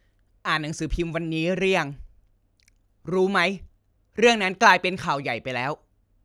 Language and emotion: Thai, neutral